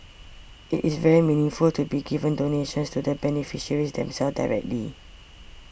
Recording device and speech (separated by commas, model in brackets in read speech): boundary microphone (BM630), read sentence